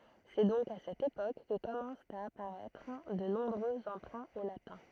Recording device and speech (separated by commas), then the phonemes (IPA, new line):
throat microphone, read sentence
sɛ dɔ̃k a sɛt epok kə kɔmɑ̃st a apaʁɛtʁ də nɔ̃bʁø ɑ̃pʁɛ̃ o latɛ̃